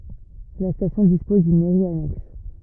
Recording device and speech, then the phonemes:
rigid in-ear microphone, read sentence
la stasjɔ̃ dispɔz dyn mɛʁi anɛks

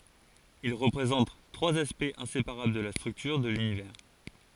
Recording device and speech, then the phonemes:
forehead accelerometer, read sentence
il ʁəpʁezɑ̃t tʁwaz aspɛktz ɛ̃sepaʁabl də la stʁyktyʁ də lynivɛʁ

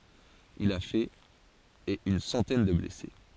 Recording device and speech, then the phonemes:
forehead accelerometer, read sentence
il a fɛt e yn sɑ̃tɛn də blɛse

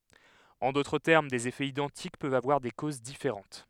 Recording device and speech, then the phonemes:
headset microphone, read sentence
ɑ̃ dotʁ tɛʁm dez efɛz idɑ̃tik pøvt avwaʁ de koz difeʁɑ̃t

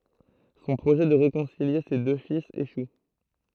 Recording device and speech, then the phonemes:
throat microphone, read sentence
sɔ̃ pʁoʒɛ də ʁekɔ̃silje se dø filz eʃu

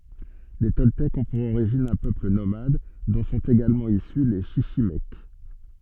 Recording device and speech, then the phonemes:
soft in-ear microphone, read sentence
le tɔltɛkz ɔ̃ puʁ oʁiʒin œ̃ pøpl nomad dɔ̃ sɔ̃t eɡalmɑ̃ isy le ʃiʃimɛk

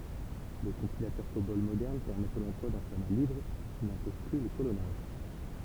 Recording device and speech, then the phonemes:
temple vibration pickup, read sentence
le kɔ̃pilatœʁ kobɔl modɛʁn pɛʁmɛt lɑ̃plwa dœ̃ fɔʁma libʁ ki nɛ̃pɔz ply lə kolɔnaʒ

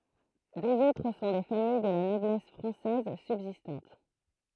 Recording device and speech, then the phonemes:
throat microphone, read sentence
døz otʁ sɔ̃ de famij də la nɔblɛs fʁɑ̃sɛz sybzistɑ̃t

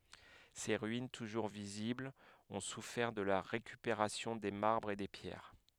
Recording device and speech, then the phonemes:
headset microphone, read sentence
se ʁyin tuʒuʁ viziblz ɔ̃ sufɛʁ də la ʁekypeʁasjɔ̃ de maʁbʁz e de pjɛʁ

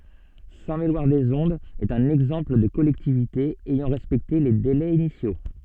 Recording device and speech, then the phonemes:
soft in-ear microphone, read sentence
sɛ̃tmelwaʁdəzɔ̃dz ɛt œ̃n ɛɡzɑ̃pl də kɔlɛktivite ɛjɑ̃ ʁɛspɛkte le delɛz inisjo

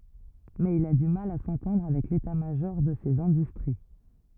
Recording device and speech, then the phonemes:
rigid in-ear microphone, read sentence
mɛz il a dy mal a sɑ̃tɑ̃dʁ avɛk leta maʒɔʁ də sez ɛ̃dystʁi

